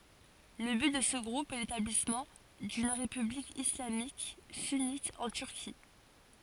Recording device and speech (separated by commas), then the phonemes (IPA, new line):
forehead accelerometer, read sentence
lə byt də sə ɡʁup ɛ letablismɑ̃ dyn ʁepyblik islamik synit ɑ̃ tyʁki